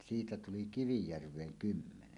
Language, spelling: Finnish, siitä tuli Kivijärveen kymmenen
- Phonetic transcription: 'siitä 'tuli "Kivijärv̀eeŋ "kymmenen .

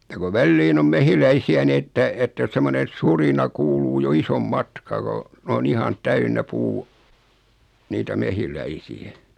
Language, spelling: Finnish, ja kun väliin on mehiläisiä niin että että semmoinen surina kuuluu jo ison matkaa kun on ihan täynnä puu niitä mehiläisiä
- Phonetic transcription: ja ko 'välliin ‿om 'mehiläisi₍ä 'ni että , että semmone 'surina 'kuuluu jo 'isom 'matkaa ko , o"n ‿ihan 'täynnä 'puu , niitä "mehiläisi₍ä .

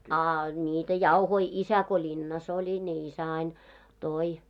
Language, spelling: Finnish, a niitä jauhoja isä kun linnassa oli niin isä aina toi
- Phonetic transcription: a 'ńiitä "jauhoi , 'isä ko "ĺinnas ‿oĺi ni isä ain , "toi .

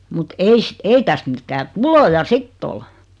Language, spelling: Finnish, mutta - ei tästä mitään tuloja sitten ollut
- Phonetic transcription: 'mut "eis- , "ei täst 'mittää "tuloja "sitt ‿ol .

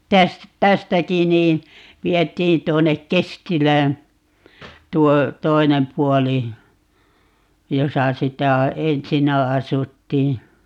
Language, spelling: Finnish, - tästäkin niin vietiin tuonne Kestilään tuo toinen puoli jossa sitä ensinnä asuttiin
- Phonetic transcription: 'täs- , "tästäki nii , 'viet̀iin 'tuonnek "Kestilään , 'tuo , "toinem 'puɔli , 'josa 'sitä , "ensinnä 'asuttii .

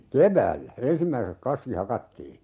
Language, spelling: Finnish, keväällä ensimmäiseksi kaski hakattiin
- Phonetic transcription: "kev̀äällä , 'ensimmäisek(s) "kaski 'hakattii .

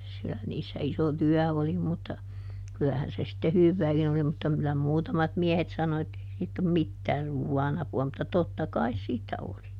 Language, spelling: Finnish, kyllä niissä iso työ oli mutta kyllähän se sitten hyvääkin oli mutta kyllä muutamat miehet sanoi että ei siitä ole mitään ruoan apua mutta totta kai siitä oli
- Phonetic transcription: (kylä) ˈniissä ˈiso "tyä oli mutta , kylähän se sⁱtte "hyvvääkin ‿oli - mutta kylä ˈmuutamat ˈmiehet sano ettei ˈsiitt ‿om "mittää ˈruuwwaan ‿apu₍a mutta ˈtotta "kais siittä ˈoli .

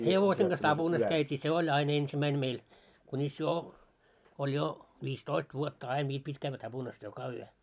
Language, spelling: Finnish, hevosen kanssa tapunassa käytiin se oli aina ensimmäinen meillä kunis jo oli jo viistoista vuotta aina vielä piti käydä tapunassa joka yö
- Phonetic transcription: 'hevoseŋ ɢas "taʙunas käyt́ii 'se oĺ 'ain 'ensimäin meil , kuńis 'jo , oĺ jo , 'vis"toist vuotta ain 'viil pit́ kävvä 'taʙunas "joka 'yö .

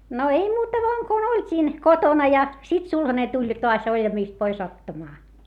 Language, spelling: Finnish, no ei muuta vain kun oltiin kotona ja sitten sulhanen tuli taas oljamista pois ottamaan
- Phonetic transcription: no ei muuta voaŋ kun ‿oĺt́iin , kotona ja , sit sulhane tuĺ toas oĺjamìst pois ‿ottamaa .

